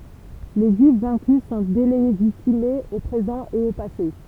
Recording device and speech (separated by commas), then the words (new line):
temple vibration pickup, read sentence
Les Juifs vaincus sont délégitimés au présent et au passé.